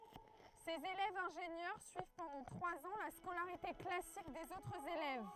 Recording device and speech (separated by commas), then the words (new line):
throat microphone, read sentence
Ces élèves ingénieurs suivent pendant trois ans la scolarité classique des autres élèves.